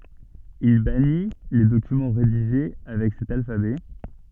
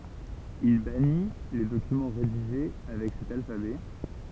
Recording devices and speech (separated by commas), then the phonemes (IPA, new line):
soft in-ear microphone, temple vibration pickup, read sentence
il bani le dokymɑ̃ ʁediʒe avɛk sɛt alfabɛ